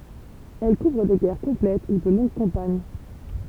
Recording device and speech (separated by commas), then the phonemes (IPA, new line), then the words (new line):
temple vibration pickup, read sentence
ɛl kuvʁ de ɡɛʁ kɔ̃plɛt u də lɔ̃ɡ kɑ̃paɲ
Elles couvrent des guerres complètes ou de longues campagnes.